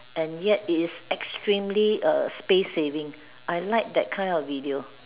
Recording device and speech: telephone, conversation in separate rooms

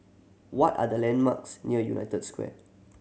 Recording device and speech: mobile phone (Samsung C7100), read sentence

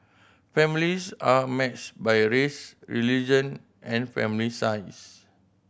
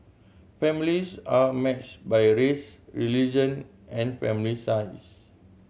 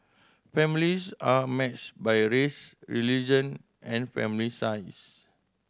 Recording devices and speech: boundary microphone (BM630), mobile phone (Samsung C7100), standing microphone (AKG C214), read sentence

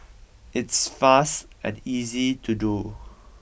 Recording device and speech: boundary microphone (BM630), read sentence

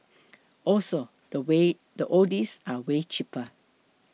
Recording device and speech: mobile phone (iPhone 6), read sentence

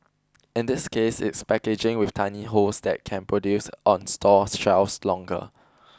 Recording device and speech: close-talking microphone (WH20), read sentence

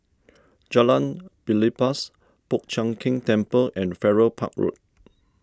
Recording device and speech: standing microphone (AKG C214), read sentence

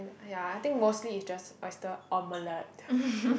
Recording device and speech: boundary microphone, conversation in the same room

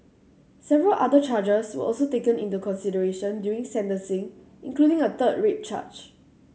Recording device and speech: mobile phone (Samsung C7100), read sentence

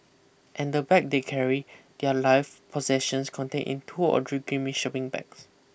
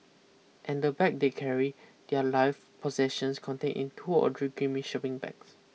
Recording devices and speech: boundary microphone (BM630), mobile phone (iPhone 6), read sentence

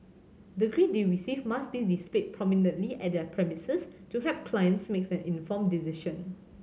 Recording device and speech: mobile phone (Samsung C7100), read sentence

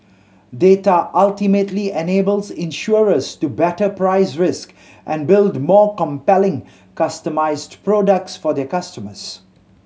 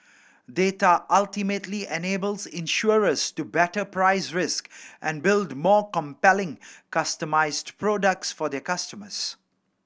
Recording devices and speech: mobile phone (Samsung C7100), boundary microphone (BM630), read sentence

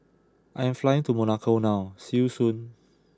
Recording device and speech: close-talking microphone (WH20), read sentence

